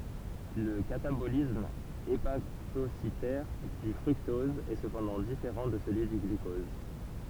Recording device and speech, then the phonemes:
temple vibration pickup, read sentence
lə katabolism epatositɛʁ dy fʁyktɔz ɛ səpɑ̃dɑ̃ difeʁɑ̃ də səlyi dy ɡlykɔz

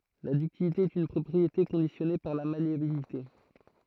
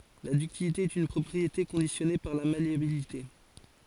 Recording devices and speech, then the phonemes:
throat microphone, forehead accelerometer, read sentence
la dyktilite ɛt yn pʁɔpʁiete kɔ̃disjɔne paʁ la maleabilite

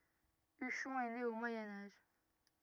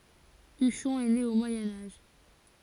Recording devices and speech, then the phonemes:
rigid in-ear microphone, forehead accelerometer, read sentence
yʃɔ̃ ɛ ne o mwajɛ̃ aʒ

